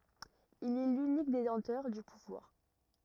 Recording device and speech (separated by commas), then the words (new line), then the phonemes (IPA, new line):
rigid in-ear microphone, read sentence
Il est l'unique détenteur du pouvoir.
il ɛ lynik detɑ̃tœʁ dy puvwaʁ